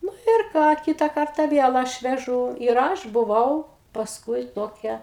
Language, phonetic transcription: Lithuanian, ˈnu ir ˈką ˈkita ˈkarta ˈviel ˈaš veˈžū ir ˈaš buˈvau pasˈkui ˈtokia

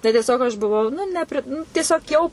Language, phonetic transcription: Lithuanian, tai tieˈsiog aš buˈvau nu nepri nu tieˈsiog jau

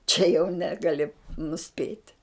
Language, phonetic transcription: Lithuanian, čia jau ˈnegali nuˈspėti

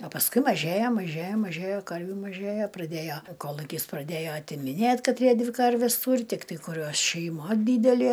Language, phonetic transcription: Lithuanian, a pasˈkui maˈžėja maˈžėja maˈžėja ˈkarvių maˈžėja praˈdėjo ˈkolukis praˈdėjo atimiˈnėt' kaˈtrie ˈdvi ˈkarves ˈtūri ˈtiktai kuˈriuos šeiˈma ˈdydelė

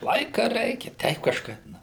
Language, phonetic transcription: Lithuanian, ˈlaika ˈreikia ˈteip kažˈkaip ˈna

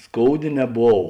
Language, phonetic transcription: Lithuanian, ˈskouˌdė neˈbov

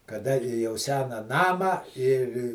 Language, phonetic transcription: Lithuanian, kaˈda jau ˈsena ˈnamą ir

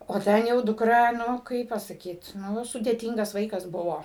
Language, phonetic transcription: Lithuanian, o ˈten jau dukˈra ˈnu ˈkaip pasaˈkyt ˈnu sudėˈtingas ˈvaikas ˈbuvo

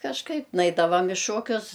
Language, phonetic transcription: Lithuanian, kažˈkaip ˈnaidavam i ˈšokius

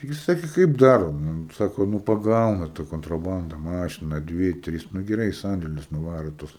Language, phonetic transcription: Lithuanian, ˈtigi ˈsakė ˈkaip ˈdaro ˈnu ˈsako ˈnū paˈgauna ta kontraˈbanda ˈmašina ˈdvi i ˈtris nu geˈrai i ˈsandėlius nuˈvaro ˈtus

